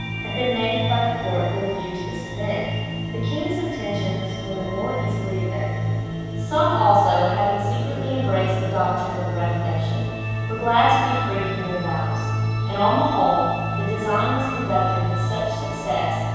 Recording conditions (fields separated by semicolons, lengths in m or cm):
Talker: one person; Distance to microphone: 7.1 m; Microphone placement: far; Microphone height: 1.7 m; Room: very reverberant, large; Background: music